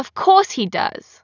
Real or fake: real